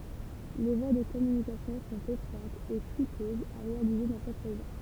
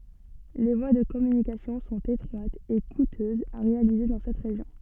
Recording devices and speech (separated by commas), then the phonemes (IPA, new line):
temple vibration pickup, soft in-ear microphone, read sentence
le vwa də kɔmynikasjɔ̃ sɔ̃t etʁwatz e kutøzz a ʁealize dɑ̃ sɛt ʁeʒjɔ̃